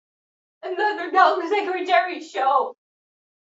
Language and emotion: English, sad